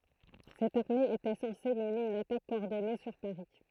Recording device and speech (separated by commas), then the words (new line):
throat microphone, read sentence
Cette armée était censée mener une attaque coordonnée sur Paris.